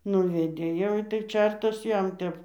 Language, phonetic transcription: Lithuanian, ˈnuvedė jau ˈitai ˈčertas ˈjam ˈtep

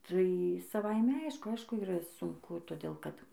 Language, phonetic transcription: Lithuanian, tai saˈvaime ˈaišku ˈaišku yˈra sunˈku toˈdėl kad

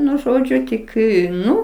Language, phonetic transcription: Lithuanian, ˈnu ˈžodžiu ˈtik i ˈnu

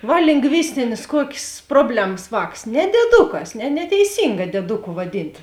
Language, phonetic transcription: Lithuanian, ˈva lingˈvistinės ˈkuokės ˈproblems ˈvāks ne dieˈdukas ne neteiˈsinga dieˈduku vaˈdint

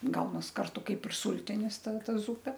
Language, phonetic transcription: Lithuanian, ˈgaunas ˈkartu ˈkaip ir ˈsultinis ˈta ˈta ˈzupe

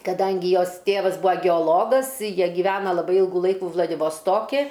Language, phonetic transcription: Lithuanian, kaˈdangi ˈjos ˈtėvas ˈbua geoˈlogas ˈjie gyˈvena laˈbai ˈylgu ˈlaiku vladivosˈtoki

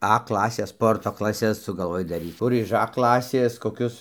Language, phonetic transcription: Lithuanian, a ˈklasės ˈsporto klaˈses sugalˈvoj daˈryc ˈkur iž a ˈklasės koˈkius

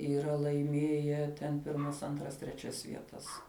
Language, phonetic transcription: Lithuanian, yˈra laiˈmėje ten ˈpirmas ˈantras treˈčias vieˈtas

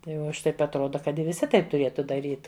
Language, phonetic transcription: Lithuanian, tai ˈva o ˈaš ˈtaip atˈroda kad viˈsi ˈtaip tuˈrietu daˈryt

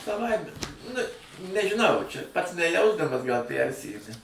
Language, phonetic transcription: Lithuanian, saˈvaime nu nežiˈnau čia pats neˈjausdamas gal ˈpærsijudi

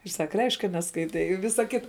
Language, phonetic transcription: Lithuanian, ir ˈsak ˈreišk' ka neskaiˈtei i ˈvisa ˈkita

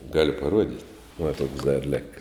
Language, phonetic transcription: Lithuanian, ˈgaliu paˈruodit' va tuoks dar ˈlika

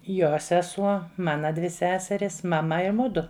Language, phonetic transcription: Lithuanian, ˈjo seˈsuo ˈmana dvi ˈseserys maˈma i ˈmudu

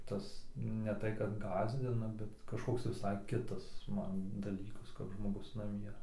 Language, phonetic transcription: Lithuanian, ˈtas ne ˈtai kad ˈgąsdina bet kažˈkoks viˈsai ˈkitas ˈman daˈlykas kap žmoˈgus naˈmie

